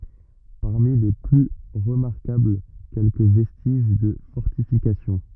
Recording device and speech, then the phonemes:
rigid in-ear microphone, read sentence
paʁmi le ply ʁəmaʁkabl kɛlkə vɛstiʒ də fɔʁtifikasjɔ̃

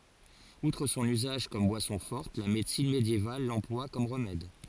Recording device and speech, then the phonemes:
forehead accelerometer, read sentence
utʁ sɔ̃n yzaʒ kɔm bwasɔ̃ fɔʁt la medəsin medjeval lɑ̃plwa kɔm ʁəmɛd

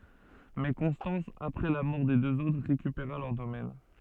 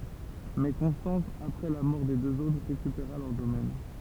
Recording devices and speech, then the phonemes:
soft in-ear microphone, temple vibration pickup, read sentence
mɛ kɔ̃stɑ̃s apʁɛ la mɔʁ de døz otʁ ʁekypeʁa lœʁ domɛn

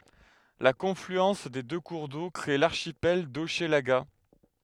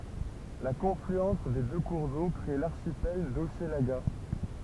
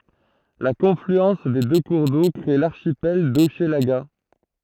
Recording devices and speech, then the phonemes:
headset microphone, temple vibration pickup, throat microphone, read sentence
la kɔ̃flyɑ̃s de dø kuʁ do kʁe laʁʃipɛl doʃlaɡa

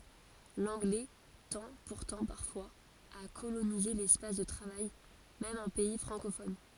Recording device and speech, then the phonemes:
forehead accelerometer, read sentence
lɑ̃ɡlɛ tɑ̃ puʁtɑ̃ paʁfwaz a kolonize lɛspas də tʁavaj mɛm ɑ̃ pɛi fʁɑ̃kofɔn

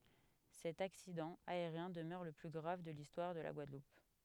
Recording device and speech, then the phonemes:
headset microphone, read sentence
sɛt aksidɑ̃ aeʁjɛ̃ dəmœʁ lə ply ɡʁav də listwaʁ də la ɡwadlup

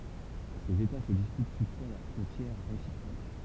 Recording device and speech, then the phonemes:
temple vibration pickup, read sentence
sez eta sə dispyt tutfwa lœʁ fʁɔ̃tjɛʁ ʁesipʁok

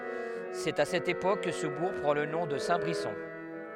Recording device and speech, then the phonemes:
headset microphone, read sentence
sɛt a sɛt epok kə sə buʁ pʁɑ̃ lə nɔ̃ də sɛ̃tbʁisɔ̃

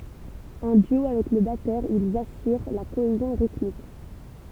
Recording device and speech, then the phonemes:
temple vibration pickup, read sentence
ɑ̃ dyo avɛk lə batœʁ ilz asyʁ la koezjɔ̃ ʁitmik

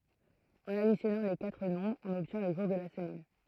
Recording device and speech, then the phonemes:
throat microphone, read sentence
ɑ̃n adisjɔnɑ̃ le katʁ nɔ̃bʁz ɔ̃n ɔbtjɛ̃ lə ʒuʁ də la səmɛn

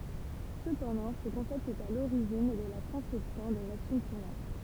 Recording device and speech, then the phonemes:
temple vibration pickup, read sentence
səpɑ̃dɑ̃ sə kɔ̃sɛpt ɛt a loʁiʒin də la kɔ̃sɛpsjɔ̃ de maʃin tuʁnɑ̃t

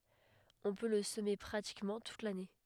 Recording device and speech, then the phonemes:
headset microphone, read sentence
ɔ̃ pø lə səme pʁatikmɑ̃ tut lane

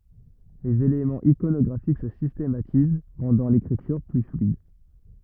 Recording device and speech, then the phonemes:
rigid in-ear microphone, read sentence
lez elemɑ̃z ikonɔɡʁafik sə sistematiz ʁɑ̃dɑ̃ lekʁityʁ ply flyid

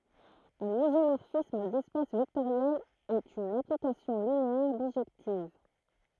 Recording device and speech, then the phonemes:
throat microphone, read sentence
œ̃n izomɔʁfism dɛspas vɛktoʁjɛlz ɛt yn aplikasjɔ̃ lineɛʁ biʒɛktiv

